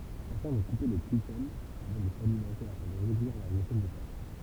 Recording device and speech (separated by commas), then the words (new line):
temple vibration pickup, read sentence
Certains vont couper les trichomes avant de s'alimenter afin de réduire leurs effets néfastes.